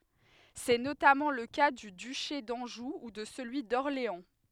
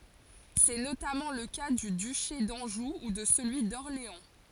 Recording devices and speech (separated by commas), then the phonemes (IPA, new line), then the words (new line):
headset microphone, forehead accelerometer, read sentence
sɛ notamɑ̃ lə ka dy dyʃe dɑ̃ʒu u də səlyi dɔʁleɑ̃
C'est notamment le cas du duché d'Anjou ou de celui d'Orléans.